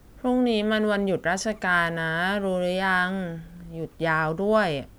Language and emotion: Thai, frustrated